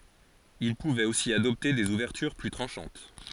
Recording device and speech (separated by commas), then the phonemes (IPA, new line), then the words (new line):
forehead accelerometer, read sentence
il puvɛt osi adɔpte dez uvɛʁtyʁ ply tʁɑ̃ʃɑ̃t
Il pouvait aussi adopter des ouvertures plus tranchantes.